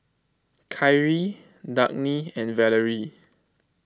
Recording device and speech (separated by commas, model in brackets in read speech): close-talking microphone (WH20), read sentence